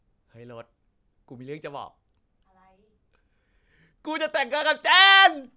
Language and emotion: Thai, happy